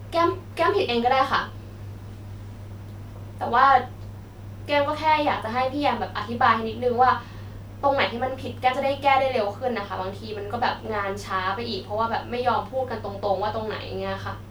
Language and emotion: Thai, frustrated